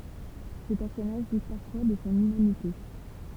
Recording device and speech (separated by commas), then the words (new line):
temple vibration pickup, read sentence
Ce personnage doute parfois de son humanité.